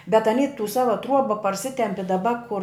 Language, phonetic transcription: Lithuanian, bet aˈny tų ˈsava ˈtruoba parˈsitempi daˈba kur

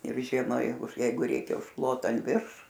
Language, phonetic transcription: Lithuanian, ir ˈžiema ˈjeigu ˈjeigu ˈreikia užˈklota an ˈvirš

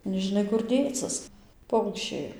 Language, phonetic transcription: Lithuanian, nežiˈnai kur ˈdėcɨs ˈpaukščiai

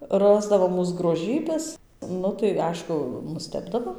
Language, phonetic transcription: Lithuanian, ˈrasdavo ˈmūs groˈžybes ˈnu tai ˈaišku nuˈstebdavo

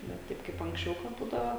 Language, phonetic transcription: Lithuanian, ne ˈtaip kaip anksˈčiau ka ˈbūdava

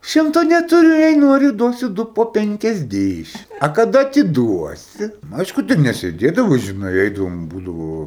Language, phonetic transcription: Lithuanian, ˈšimto netuˈriu jei ˈnuori ˈduosiu ˈdu po ˌpenkiasˈdėšim a kaˈda atiˈduosi nu ˈaišku ten nesėˈdėdavo žiˈnai ˈeidavom ˈbūdavo

